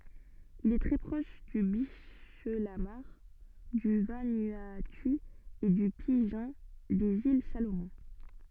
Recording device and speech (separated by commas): soft in-ear microphone, read sentence